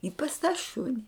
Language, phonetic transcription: Lithuanian, i pas tą ˈšuni

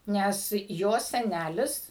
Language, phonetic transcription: Lithuanian, ˈnes ˈjos seˈnælis

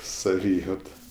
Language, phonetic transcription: Lithuanian, saˈvyjauta

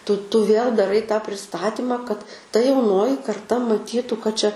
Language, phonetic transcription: Lithuanian, tu tu vėl daˈrai tą priˈstatima kad ta jauˈnoji karˈta maˈtytu kad ˈčia

